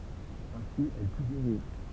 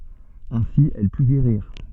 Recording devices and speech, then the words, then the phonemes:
temple vibration pickup, soft in-ear microphone, read sentence
Ainsi, elle put guérir.
ɛ̃si ɛl py ɡeʁiʁ

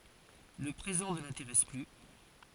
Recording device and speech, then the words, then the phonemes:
forehead accelerometer, read sentence
Le présent ne l’intéresse plus.
lə pʁezɑ̃ nə lɛ̃teʁɛs ply

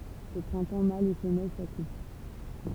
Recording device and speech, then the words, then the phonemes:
temple vibration pickup, read sentence
Au printemps mâles et femelles s'accouplent.
o pʁɛ̃tɑ̃ malz e fəmɛl sakupl

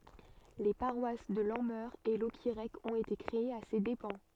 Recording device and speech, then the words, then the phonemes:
soft in-ear microphone, read sentence
Les paroisses de Lanmeur et Locquirec ont été créées à ses dépens.
le paʁwas də lɑ̃mœʁ e lɔkiʁɛk ɔ̃t ete kʁeez a se depɑ̃

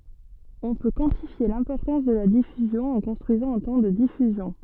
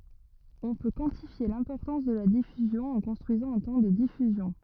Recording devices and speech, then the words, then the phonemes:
soft in-ear microphone, rigid in-ear microphone, read sentence
On peut quantifier l'importance de la diffusion en construisant un temps de diffusion.
ɔ̃ pø kwɑ̃tifje lɛ̃pɔʁtɑ̃s də la difyzjɔ̃ ɑ̃ kɔ̃stʁyizɑ̃ œ̃ tɑ̃ də difyzjɔ̃

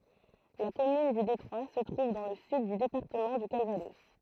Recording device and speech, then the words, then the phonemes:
throat microphone, read sentence
La commune du Détroit se trouve dans le sud du département du Calvados.
la kɔmyn dy detʁwa sə tʁuv dɑ̃ lə syd dy depaʁtəmɑ̃ dy kalvadɔs

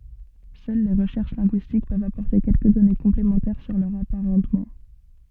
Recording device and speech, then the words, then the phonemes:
soft in-ear microphone, read sentence
Seules les recherches linguistiques peuvent apporter quelques données complémentaires sur leurs apparentements.
sœl le ʁəʃɛʁʃ lɛ̃ɡyistik pøvt apɔʁte kɛlkə dɔne kɔ̃plemɑ̃tɛʁ syʁ lœʁz apaʁɑ̃tmɑ̃

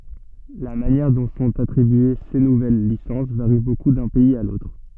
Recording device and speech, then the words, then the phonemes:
soft in-ear microphone, read sentence
La manière dont sont attribuées ces nouvelles licences varie beaucoup d’un pays à l’autre.
la manjɛʁ dɔ̃ sɔ̃t atʁibye se nuvɛl lisɑ̃s vaʁi boku dœ̃ pɛiz a lotʁ

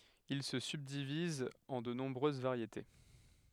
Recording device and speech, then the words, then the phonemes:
headset microphone, read sentence
Il se subdivise en de nombreuses variétés.
il sə sybdiviz ɑ̃ də nɔ̃bʁøz vaʁjete

